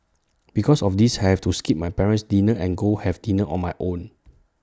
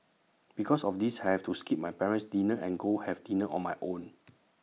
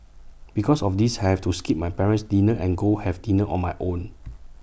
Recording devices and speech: standing microphone (AKG C214), mobile phone (iPhone 6), boundary microphone (BM630), read sentence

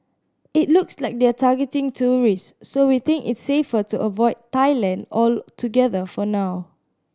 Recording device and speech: standing microphone (AKG C214), read sentence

